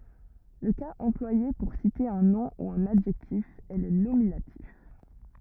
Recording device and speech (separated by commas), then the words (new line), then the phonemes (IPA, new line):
rigid in-ear microphone, read sentence
Le cas employé pour citer un nom ou un adjectif est le nominatif.
lə kaz ɑ̃plwaje puʁ site œ̃ nɔ̃ u œ̃n adʒɛktif ɛ lə nominatif